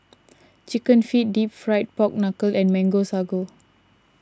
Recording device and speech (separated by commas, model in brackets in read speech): standing microphone (AKG C214), read sentence